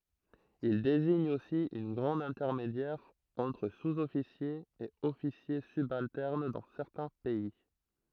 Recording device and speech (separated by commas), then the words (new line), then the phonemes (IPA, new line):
throat microphone, read sentence
Il désigne aussi un grade intermédiaire entre sous-officiers et officiers subalternes dans certains pays.
il deziɲ osi œ̃ ɡʁad ɛ̃tɛʁmedjɛʁ ɑ̃tʁ suzɔfisjez e ɔfisje sybaltɛʁn dɑ̃ sɛʁtɛ̃ pɛi